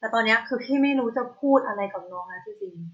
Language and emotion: Thai, frustrated